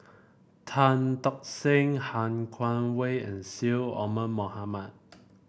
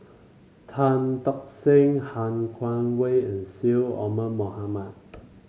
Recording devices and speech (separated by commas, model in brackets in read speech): boundary microphone (BM630), mobile phone (Samsung C5), read sentence